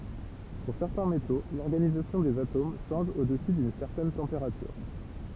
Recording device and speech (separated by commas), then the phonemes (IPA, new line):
temple vibration pickup, read sentence
puʁ sɛʁtɛ̃ meto lɔʁɡanizasjɔ̃ dez atom ʃɑ̃ʒ o dəsy dyn sɛʁtɛn tɑ̃peʁatyʁ